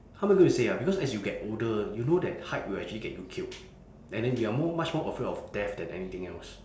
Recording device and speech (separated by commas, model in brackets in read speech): standing microphone, conversation in separate rooms